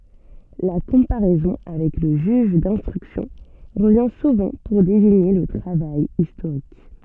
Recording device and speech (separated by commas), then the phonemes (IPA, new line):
soft in-ear microphone, read sentence
la kɔ̃paʁɛzɔ̃ avɛk lə ʒyʒ dɛ̃stʁyksjɔ̃ ʁəvjɛ̃ suvɑ̃ puʁ deziɲe lə tʁavaj istoʁik